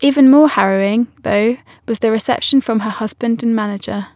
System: none